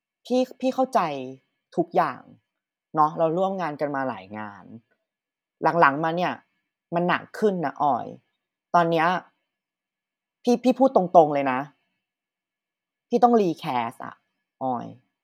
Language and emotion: Thai, frustrated